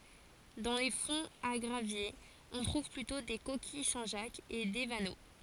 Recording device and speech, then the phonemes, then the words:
forehead accelerometer, read sentence
dɑ̃ le fɔ̃z a ɡʁavjez ɔ̃ tʁuv plytɔ̃ de kokij sɛ̃ ʒak e de vano
Dans les fonds à graviers, on trouve plutôt des coquilles Saint-Jacques et des vanneaux.

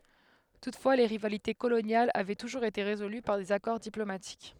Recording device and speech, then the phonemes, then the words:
headset microphone, read sentence
tutfwa le ʁivalite kolonjalz avɛ tuʒuʁz ete ʁezoly paʁ dez akɔʁ diplomatik
Toutefois, les rivalités coloniales avaient toujours été résolues par des accords diplomatiques.

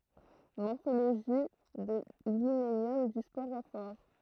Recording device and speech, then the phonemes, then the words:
throat microphone, read sentence
mɔʁfoloʒi də limenjɔm dy spoʁofɔʁ
Morphologie de l'hyménium du sporophore.

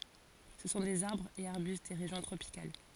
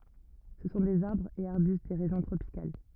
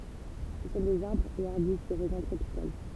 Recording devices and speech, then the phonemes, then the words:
forehead accelerometer, rigid in-ear microphone, temple vibration pickup, read sentence
sə sɔ̃ dez aʁbʁz e aʁbyst de ʁeʒjɔ̃ tʁopikal
Ce sont des arbres et arbustes des régions tropicales.

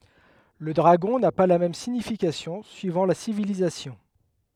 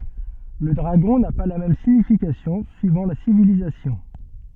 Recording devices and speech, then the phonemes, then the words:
headset microphone, soft in-ear microphone, read sentence
lə dʁaɡɔ̃ na pa la mɛm siɲifikasjɔ̃ syivɑ̃ la sivilizasjɔ̃
Le dragon n'a pas la même signification suivant la civilisation.

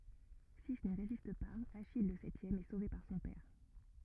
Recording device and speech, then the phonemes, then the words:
rigid in-ear microphone, read sentence
si ni ʁezist paz aʃij lə sɛtjɛm ɛ sove paʁ sɔ̃ pɛʁ
Six n'y résistent pas, Achille, le septième, est sauvé par son père.

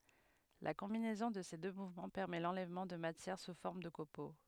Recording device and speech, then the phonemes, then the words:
headset microphone, read sentence
la kɔ̃binɛzɔ̃ də se dø muvmɑ̃ pɛʁmɛ lɑ̃lɛvmɑ̃ də matjɛʁ su fɔʁm də kopo
La combinaison de ces deux mouvements permet l'enlèvement de matière sous forme de copeaux.

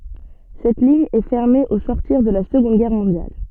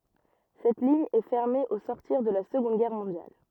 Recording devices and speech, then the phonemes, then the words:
soft in-ear microphone, rigid in-ear microphone, read sentence
sɛt liɲ ɛ fɛʁme o sɔʁtiʁ də la səɡɔ̃d ɡɛʁ mɔ̃djal
Cette ligne est fermée au sortir de la Seconde guerre mondiale.

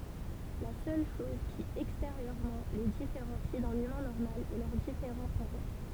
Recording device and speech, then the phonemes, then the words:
temple vibration pickup, read sentence
la sœl ʃɔz ki ɛksteʁjøʁmɑ̃ le difeʁɑ̃si dœ̃n ymɛ̃ nɔʁmal ɛ lœʁ difeʁɑ̃ puvwaʁ
La seule chose qui, extérieurement, les différencie d'un humain normal est leurs différents pouvoirs.

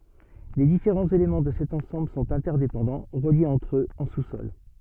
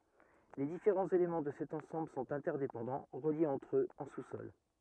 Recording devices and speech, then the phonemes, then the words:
soft in-ear microphone, rigid in-ear microphone, read sentence
le difeʁɑ̃z elemɑ̃ də sɛt ɑ̃sɑ̃bl sɔ̃t ɛ̃tɛʁdepɑ̃dɑ̃ ʁəljez ɑ̃tʁ øz ɑ̃ susɔl
Les différents éléments de cet ensemble sont interdépendants, reliés entre eux en sous-sol.

